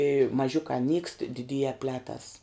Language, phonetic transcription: Lithuanian, i maˈžiukā nykst diˈdyje ˈpletas

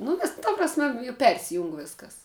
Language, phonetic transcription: Lithuanian, nu ˈvis ta prasˈme ju ˈpersijung ˈviskas

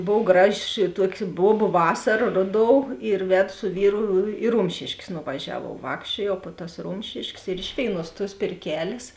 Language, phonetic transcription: Lithuanian, ˈbov ˈgraˌži ˈtuoki ˈbuobu ˈvasara ˈroˌdou ir ˈvedu su ˈvyru i ˈrumšėškės nuvaˈžiavuov ˈvākščiuojau po tas ˈrumšiškės ir ˈiš vėiˌnuos tuos pėrˈkelės

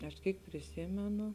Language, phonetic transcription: Lithuanian, aš ˈkyk priˈsymenu

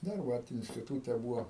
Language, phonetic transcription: Lithuanian, ˈdar ˈvat instiˈtūte ˈbūvo

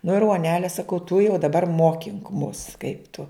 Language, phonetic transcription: Lithuanian, nu ir uoˈnele saˈkau tu jau daˈbar ˈmokink mus kaip tu

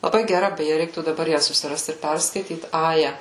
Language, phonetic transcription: Lithuanian, laˈbai geˈra beˈje ˈreiktų daˈbar ˈją susiˈrast ir ˈperskaityt ˈaja

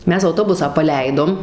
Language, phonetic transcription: Lithuanian, ˈmes auˈtobusą paˈleidom

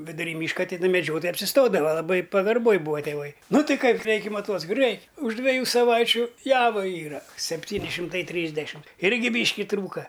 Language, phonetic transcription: Lithuanian, viduˈry ˈmyška tiˈna meˈdžiotojai apsiˈstodava laˈbai pagarˈboj ˈbūva tėˈvai ˈnu ˈtai ˈkai ˈreikia ˈmaˈtuoci rei už dveˈjų saˈvaičiu ˈjavaˈyra sepˈtyni šimˈtai ˈtrysdešim ˈirgi ˈbyški ˈtrūka

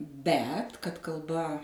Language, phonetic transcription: Lithuanian, ˈbet kad kalˈba

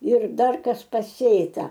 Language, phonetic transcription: Lithuanian, ir ˈdar ˈkas paˈsėta

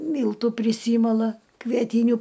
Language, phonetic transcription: Lithuanian, ˈmyltų priˈsymala kvieˈtyniu

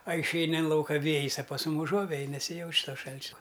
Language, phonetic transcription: Lithuanian, a išˈeini in ˈlauka ˈvėjis a pas ˈmum uˈžuovej nesiˈjauč ˈto ˈšalčia

